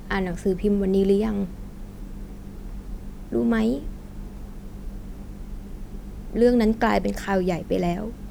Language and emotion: Thai, sad